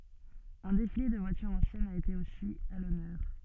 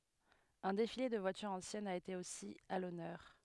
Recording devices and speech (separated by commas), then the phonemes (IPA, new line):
soft in-ear microphone, headset microphone, read sentence
œ̃ defile də vwatyʁz ɑ̃sjɛnz a ete osi a lɔnœʁ